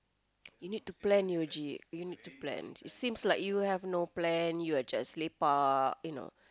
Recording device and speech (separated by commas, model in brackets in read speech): close-talking microphone, conversation in the same room